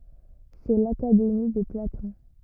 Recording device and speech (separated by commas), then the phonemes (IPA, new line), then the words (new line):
rigid in-ear microphone, read sentence
sɛ lakademi də platɔ̃
C'est l’Académie de Platon.